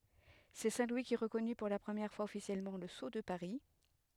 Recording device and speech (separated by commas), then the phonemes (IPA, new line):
headset microphone, read sentence
sɛ sɛ̃ lwi ki ʁəkɔny puʁ la pʁəmjɛʁ fwaz ɔfisjɛlmɑ̃ lə so də paʁi